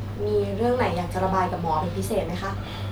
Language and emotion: Thai, neutral